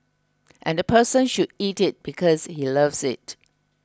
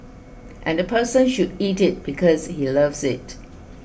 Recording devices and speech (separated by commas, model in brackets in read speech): close-talking microphone (WH20), boundary microphone (BM630), read sentence